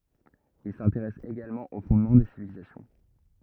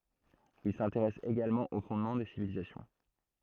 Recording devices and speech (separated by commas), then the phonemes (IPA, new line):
rigid in-ear microphone, throat microphone, read sentence
il sɛ̃teʁɛs eɡalmɑ̃ o fɔ̃dmɑ̃ de sivilizasjɔ̃